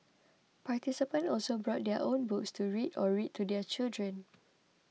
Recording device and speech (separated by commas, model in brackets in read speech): mobile phone (iPhone 6), read sentence